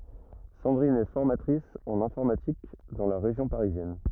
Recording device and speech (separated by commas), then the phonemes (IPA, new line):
rigid in-ear microphone, read sentence
sɑ̃dʁin ɛ fɔʁmatʁis ɑ̃n ɛ̃fɔʁmatik dɑ̃ la ʁeʒjɔ̃ paʁizjɛn